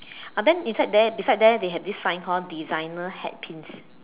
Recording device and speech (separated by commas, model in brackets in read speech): telephone, conversation in separate rooms